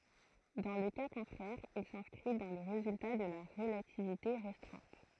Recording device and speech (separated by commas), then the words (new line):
throat microphone, read sentence
Dans le cas contraire il s'inscrit dans les résultats de la relativité restreinte.